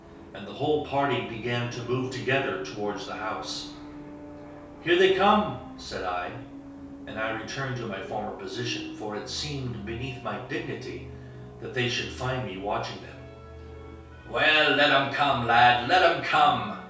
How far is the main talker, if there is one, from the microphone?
3.0 m.